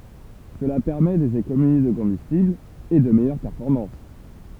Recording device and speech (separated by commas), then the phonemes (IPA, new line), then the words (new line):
temple vibration pickup, read sentence
səla pɛʁmɛ dez ekonomi də kɔ̃bystibl e də mɛjœʁ pɛʁfɔʁmɑ̃s
Cela permet des économies de combustible et de meilleures performances.